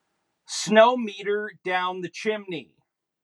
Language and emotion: English, neutral